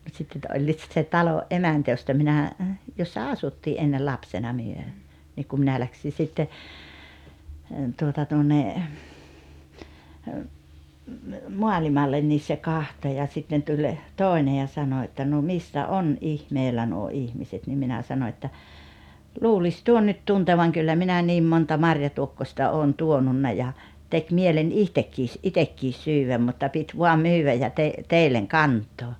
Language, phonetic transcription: Finnish, mut 'sitt ‿että 'oĺĺiit sit se "talo’ "’emäntä josta minä , jossa "asuttii ’ennel 'lapsena 'myö , 'niik ku 'minä 'läksi sitte , tuota tuonne , 'moalimallen nis se "kahto ja 'sitten tuĺ , 'tòene ja 'sano että » no "missä "’on "’ihmeelä nuo "ihmiset « nim 'minä 'sano että , » 'luulis 'tuon nyt 'tuntevaŋ kyllä 'minä 'niim monta "marjatuokkośta 'oon "tuonunna ja , 'tek 'mielen "ihtekkiis , "’itekkis 'syywäm mutta 'pit 'vuam "myywäj ja te- , 'teilleŋ "kant̀oo « .
- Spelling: mutta sitten että olivat sitten se talon emäntä josta minä jossa asuttiin ennen lapsena me niin kun minä lähdin sitten tuota tuonne maailmalle niin se katsoi ja sitten tuli toinen ja sanoi että no missä on ihmeellä nuo ihmiset niin minä sanoin että luulisi tuon nyt tuntevan kyllä minä niin monta marjatuokkosta olen tuonut ja teki mieleni itsekin itsekin syödä mutta piti vain myydä ja - teille kantaa

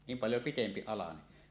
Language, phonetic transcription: Finnish, 'niim paljo 'pitempi alane .
- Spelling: niin paljon pitempi alanen

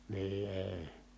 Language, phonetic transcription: Finnish, nii èi̮ .
- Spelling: niin ei

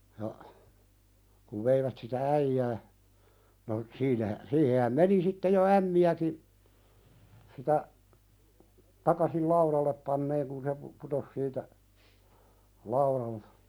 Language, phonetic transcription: Finnish, ja , kuv 'veivät sitä "äijää , no , 'siinähä , 'siihehäm "meni sitte jo 'ämmi₍äki , sitä , 'takasil "lauðallep panneeŋ kun se pu- , 'putos siitä , 'lauðal(ta) .
- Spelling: ja kun veivät sitä äijää no siinähän siihenhän meni sitten jo ämmiäkin sitä takaisin laudalle panemaan kun se - putosi siitä laudalta

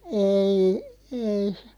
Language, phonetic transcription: Finnish, 'eei , 'ei (se) ,.
- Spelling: ei ei se

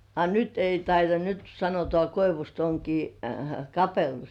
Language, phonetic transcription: Finnish, 'a "nyt ei taita(ś) nyt sanotŏà 'koivust oŋkii , "kapellus .
- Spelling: a nyt ei taitaisi nyt sanotaan koivusta onkin kapellus

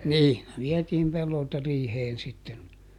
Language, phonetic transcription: Finnish, ni , ˈviɛtiim ˈpellolta ˈriiheen sitten .
- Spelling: niin vietiin pellolta riiheen sitten

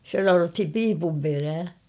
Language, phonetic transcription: Finnish, sⁱtä 'sanothim "piipum 'perää .
- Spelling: sitä sanottiin piipun perää

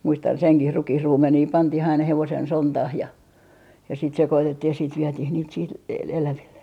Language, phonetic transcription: Finnish, 'muistan 'seŋkih "rukihruumenii 'pantih ‿aina 'hevosen "sontah ja , ja sit 'sekotettih ja siit 'vietih niit siit e - eläville .
- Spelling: muistan senkin rukiinruumenia pantiin aina hevosen sontaan ja ja sitä sekoitettiin ja siitä vietiin niitä siitä - eläville

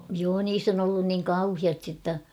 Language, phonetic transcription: Finnish, joo 'niis ‿on ‿ollun niŋ "kauhiasti ‿tta .
- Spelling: joo niissä on ollut niin kauheasti jotta

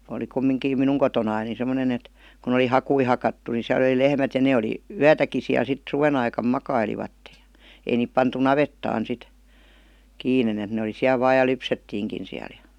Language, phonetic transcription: Finnish, oli 'kummiŋkiim "minuŋ kotonain ni semmonen ‿et , kun ‿oli "hakui 'hakattu ni siäl ‿°li 'lehmät ja 'ne oli , "yätäki siäl 'sit , 'suven ‿aikam "makailivatte JA : 'ei niip pantu "navettaan 'sit , 'kiinen ‿et ne oli 'siäl 'vaaj̆ ja "lypsettiiŋkin siäl ja .
- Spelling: oli kumminkin minun kotonani niin semmoinen että kun oli hakuja hakattu niin siellä oli lehmät ja ne oli yötäkin siellä sitten suven aikana makailivat ja ei niitä pantu navettaan sitten kiinni että ne oli siellä vain ja lypsettiinkin siellä ja

